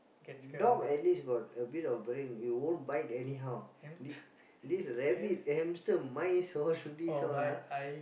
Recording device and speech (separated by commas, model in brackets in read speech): boundary microphone, conversation in the same room